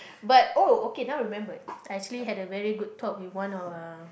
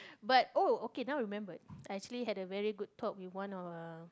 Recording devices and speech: boundary microphone, close-talking microphone, conversation in the same room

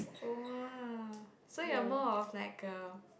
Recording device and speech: boundary microphone, conversation in the same room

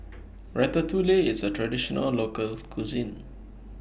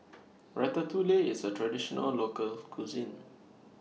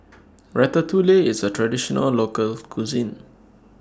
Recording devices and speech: boundary microphone (BM630), mobile phone (iPhone 6), standing microphone (AKG C214), read sentence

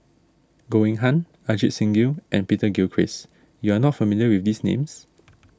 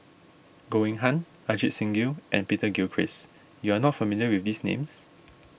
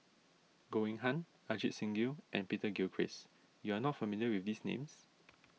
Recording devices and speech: standing microphone (AKG C214), boundary microphone (BM630), mobile phone (iPhone 6), read sentence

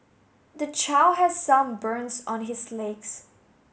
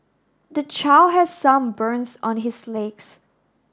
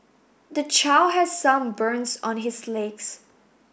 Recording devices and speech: mobile phone (Samsung S8), standing microphone (AKG C214), boundary microphone (BM630), read sentence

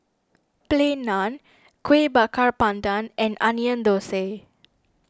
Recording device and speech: standing microphone (AKG C214), read sentence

